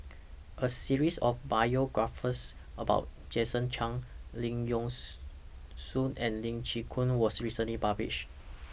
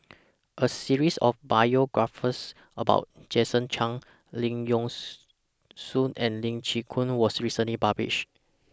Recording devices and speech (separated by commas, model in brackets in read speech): boundary microphone (BM630), standing microphone (AKG C214), read sentence